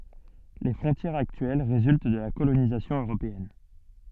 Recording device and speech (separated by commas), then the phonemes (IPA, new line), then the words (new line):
soft in-ear microphone, read sentence
le fʁɔ̃tjɛʁz aktyɛl ʁezylt də la kolonizasjɔ̃ øʁopeɛn
Les frontières actuelles résultent de la colonisation européenne.